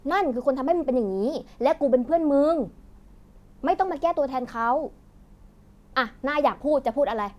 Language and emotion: Thai, angry